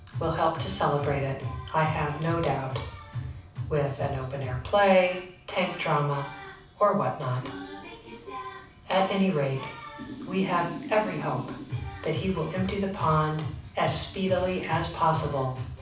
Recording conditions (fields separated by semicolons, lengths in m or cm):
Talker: one person; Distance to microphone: 5.8 m; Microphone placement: far; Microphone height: 1.8 m; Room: medium-sized (5.7 m by 4.0 m); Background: music